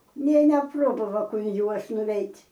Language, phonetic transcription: Lithuanian, nė neˈprobava un ˈjuos nuˈveit'

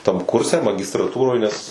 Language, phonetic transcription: Lithuanian, tam ˈkurse magistraˈtūroj nes

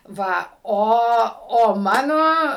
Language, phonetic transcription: Lithuanian, ˈva ˈo o ˈmano

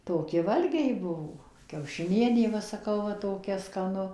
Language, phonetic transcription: Lithuanian, ˈtoki ˈvalgiai ˈbuvo kiaušiˈnienė ˈva saˈkau va toˈkia skaˈnu

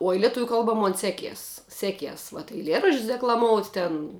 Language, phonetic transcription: Lithuanian, oj leˈtuvių ˈkalba ˈmon ˈseˌkies ˈseˌkies vat eiˈlieraš'č's' deklaˈmout' ten

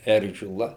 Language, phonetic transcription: Lithuanian, ˈeržila

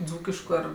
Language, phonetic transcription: Lithuanian, ˈdzūkišku ˈar

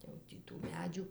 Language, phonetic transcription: Lithuanian, jau ˈtį tų ˈmedžių

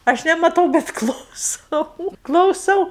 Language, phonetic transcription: Lithuanian, ˈaš nemaˈtau bet klauˈsau klauˈsau

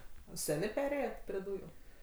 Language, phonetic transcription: Lithuanian, ˈsenė ˈperėjet pri ˈdūju

